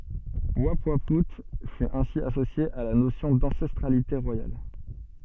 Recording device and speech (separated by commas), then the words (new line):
soft in-ear microphone, read sentence
Oupouaout fut ainsi associé à la notion d'ancestralité royale.